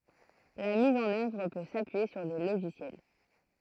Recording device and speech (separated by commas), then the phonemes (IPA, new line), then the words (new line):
throat microphone, read sentence
la miz ɑ̃n œvʁ pø sapyije syʁ de loʒisjɛl
La mise en œuvre peut s'appuyer sur des logiciels.